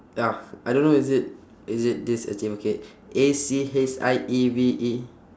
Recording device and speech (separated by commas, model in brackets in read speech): standing microphone, conversation in separate rooms